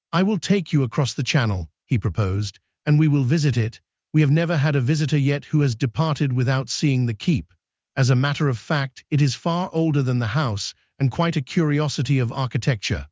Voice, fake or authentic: fake